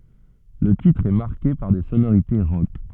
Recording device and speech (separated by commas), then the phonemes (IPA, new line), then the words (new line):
soft in-ear microphone, read sentence
lə titʁ ɛ maʁke paʁ de sonoʁite ʁɔk
Le titre est marqué par des sonorités rock.